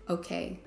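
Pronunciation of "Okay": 'Okay' is said in a neutral tone.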